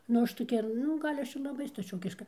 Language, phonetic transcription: Lithuanian, nu ˈaš toˈkia nu ˈgal' ˈaš ir laˈbai staˈčiokiška

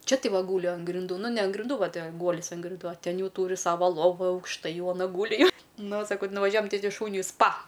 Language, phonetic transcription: Lithuanian, ˈčia ˈtai ˈva ˈgūli an grinˈdų ˈnu ne an grinˈdų ˈva ˈte ˈguolis an grinˈdų o ˈten ˈjau ˈtūri ˈsava ˈlovu aukšˈtai ˈjau aˈna ˈgūli jau nu saˈkau ti nuvaˈžiuojam ˈtai ˈti ˈšūniui ˈspa

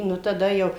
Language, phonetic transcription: Lithuanian, ˈnu taˈda jau

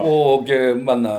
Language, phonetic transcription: Lithuanian, ˈo ˈgi ˈmana

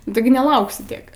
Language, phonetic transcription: Lithuanian, nu ˈtigi neˈlauksi ˈtiek

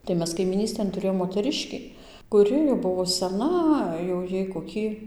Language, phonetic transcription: Lithuanian, tai ˈmes kaimyˈnystėn tuˈrėjom moteˈriškį kuˈri jau ˈbuvo seˈna jau ˈjai koˈkį

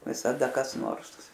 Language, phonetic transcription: Lithuanian, visaˈda kas ˈnors

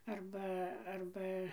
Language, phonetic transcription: Lithuanian, ˈarba ˈarba

